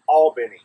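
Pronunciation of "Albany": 'Albany' is pronounced correctly here, almost like 'all-benny'.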